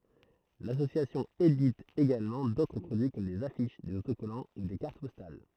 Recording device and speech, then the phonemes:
throat microphone, read sentence
lasosjasjɔ̃ edit eɡalmɑ̃ dotʁ pʁodyi kɔm dez afiʃ dez otokɔlɑ̃ u de kaʁt pɔstal

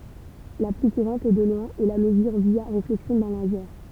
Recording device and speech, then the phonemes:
temple vibration pickup, read sentence
la ply kuʁɑ̃t e də lwɛ̃ ɛ la məzyʁ vja ʁeflɛksjɔ̃ dœ̃ lazɛʁ

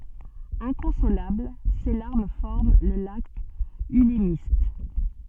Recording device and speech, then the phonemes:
soft in-ear microphone, read sentence
ɛ̃kɔ̃solabl se laʁm fɔʁm lə lak ylmist

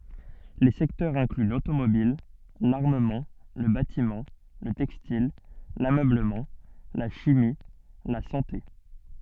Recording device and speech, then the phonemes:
soft in-ear microphone, read sentence
le sɛktœʁz ɛ̃kly lotomobil laʁməmɑ̃ lə batimɑ̃ lə tɛkstil lamøbləmɑ̃ la ʃimi la sɑ̃te

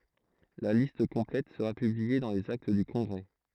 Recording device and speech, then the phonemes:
throat microphone, read sentence
la list kɔ̃plɛt səʁa pyblie dɑ̃ lez akt dy kɔ̃ɡʁɛ

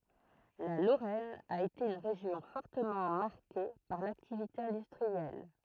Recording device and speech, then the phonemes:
throat microphone, read sentence
la loʁɛn a ete yn ʁeʒjɔ̃ fɔʁtəmɑ̃ maʁke paʁ laktivite ɛ̃dystʁiɛl

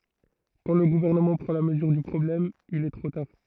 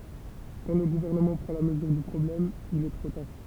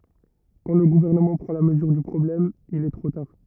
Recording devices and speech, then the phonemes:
throat microphone, temple vibration pickup, rigid in-ear microphone, read sentence
kɑ̃ lə ɡuvɛʁnəmɑ̃ pʁɑ̃ la məzyʁ dy pʁɔblɛm il ɛ tʁo taʁ

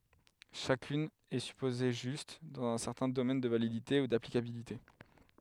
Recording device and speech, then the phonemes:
headset microphone, read sentence
ʃakyn ɛ sypoze ʒyst dɑ̃z œ̃ sɛʁtɛ̃ domɛn də validite u daplikabilite

